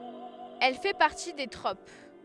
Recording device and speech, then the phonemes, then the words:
headset microphone, read sentence
ɛl fɛ paʁti de tʁop
Elle fait partie des tropes.

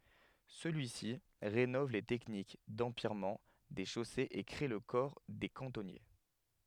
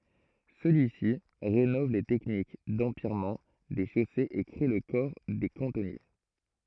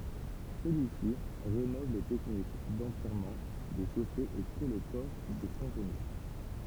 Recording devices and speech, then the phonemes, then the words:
headset microphone, throat microphone, temple vibration pickup, read sentence
səlyi si ʁenɔv le tɛknik dɑ̃pjɛʁmɑ̃ de ʃosez e kʁe lə kɔʁ de kɑ̃tɔnje
Celui-ci rénove les techniques d'empierrement des chaussées et crée le corps des cantonniers.

